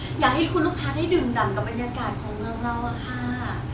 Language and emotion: Thai, happy